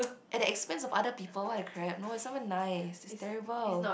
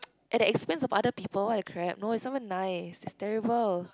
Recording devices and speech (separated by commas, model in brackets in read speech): boundary microphone, close-talking microphone, conversation in the same room